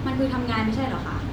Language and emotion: Thai, frustrated